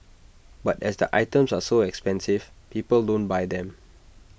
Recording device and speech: boundary microphone (BM630), read sentence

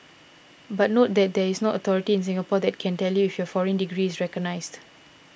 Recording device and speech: boundary microphone (BM630), read sentence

